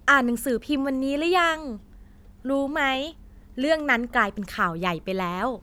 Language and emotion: Thai, happy